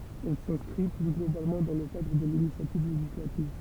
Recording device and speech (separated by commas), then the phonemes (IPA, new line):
temple vibration pickup, read sentence
ɛl sɛ̃skʁi ply ɡlobalmɑ̃ dɑ̃ lə kadʁ də linisjativ leʒislativ